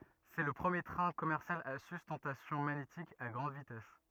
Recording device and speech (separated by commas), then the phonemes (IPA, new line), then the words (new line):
rigid in-ear microphone, read sentence
sɛ lə pʁəmje tʁɛ̃ kɔmɛʁsjal a systɑ̃tasjɔ̃ maɲetik a ɡʁɑ̃d vitɛs
C’est le premier train commercial à sustentation magnétique à grande vitesse.